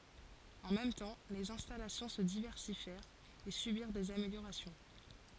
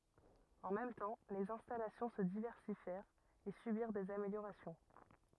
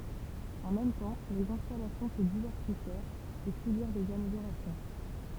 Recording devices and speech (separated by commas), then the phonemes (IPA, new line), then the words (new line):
forehead accelerometer, rigid in-ear microphone, temple vibration pickup, read sentence
ɑ̃ mɛm tɑ̃ lez ɛ̃stalasjɔ̃ sə divɛʁsifjɛʁt e sybiʁ dez ameljoʁasjɔ̃
En même temps, les installations se diversifièrent et subirent des améliorations.